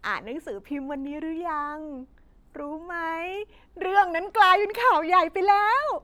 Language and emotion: Thai, happy